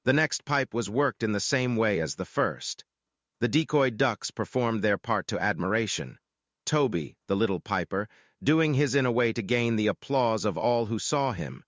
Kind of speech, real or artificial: artificial